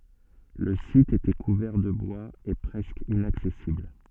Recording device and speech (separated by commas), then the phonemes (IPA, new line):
soft in-ear microphone, read sentence
lə sit etɛ kuvɛʁ də bwaz e pʁɛskə inaksɛsibl